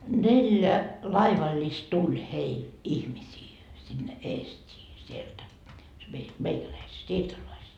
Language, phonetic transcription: Finnish, neljä , "laivaĺĺist 'tuĺ 'heil , 'ihmisii , sinne 'Eest́ii , 'sieltä , se mei 'meikäläiset 'siirtolaiset .
- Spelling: neljä laivallista tuli heille ihmisiä sinne Eestiin sieltä se meidän meikäläiset siirtolaiset

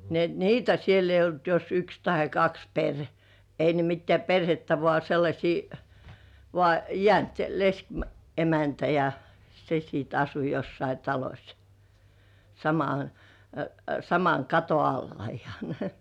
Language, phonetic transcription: Finnish, ni ‿et "niitä siel ‿eij̆j ‿olt jos 'yks tahe 'kaks perh- , ei ne mittĕä̀ "per(h)että vŏà sellaśii , vŏà , 'jĕä̀nt "lesk- , '-emäntä ja , 'se siit asu jossai "taloś , sama- , 'samaŋ kato 'alla ihᴀɴ .
- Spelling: niin että niitä siellä ei ollut jos yksi tai kaksi - ei ne mitään perhettä vaan sellaisia vaan jäänyt - leskiemäntä ja se sitten asui jossakin talossa - saman katon alla ihan

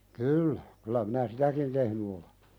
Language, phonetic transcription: Finnish, kyyllä , kylä minä "sitäkin tehny ole .
- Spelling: kyllä kyllä minä sitäkin tehnyt olen

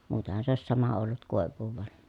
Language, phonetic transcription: Finnish, muuten̬han̬ se òi̮s sama ollut kòev̆vuuv van .
- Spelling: muutenhan se olisi sama ollut koivua vaan

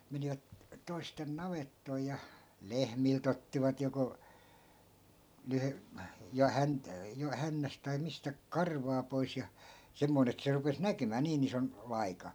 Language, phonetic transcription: Finnish, 'menivät , toisten 'navettoi ja , "lehmil't ‿ottivat joko , (leh-) , ja 'hän- , jo 'hännäs tai 'mistä , "karvaa pois ja , 'semmoin ‿et se rupes 'näkymää 'niin ‿ison , 'vaika .
- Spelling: menivät toisten navettoihin ja lehmiltä ottivat joko - ja - jo hännästä tai mistä karvaa pois ja semmoinen että se rupesi näkymään niin ison vaika

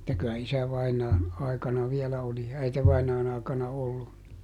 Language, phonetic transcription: Finnish, [et]tä kylä ˈisävainaan̬ , ˈai̮kana viɛlä oli , ˈäitevainaan ‿aakana ollu .
- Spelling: että kyllä isävainajan aikana vielä oli äitivainajan aikana ollut

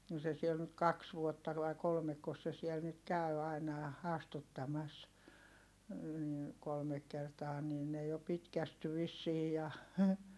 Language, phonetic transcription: Finnish, no se siel nyt kaks vuotta vai̮ kolmekkos se siɛl nyt käy aina ja , astuttamas , ni , kolmek kertaa nii ne jo pitkästy vissii ja , .
- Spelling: no se siellä nyt kaksi vuotta vai kolmekos se siellä nyt käy aina ja astuttamassa niin kolme kertaa niin ne jo pitkästyi vissiin ja

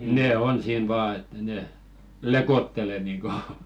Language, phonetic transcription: Finnish, 'nè "on 'siin 'vaa että ne , "lekottele niŋko .
- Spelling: ne on siinä vain että ne lekottelee niin kuin

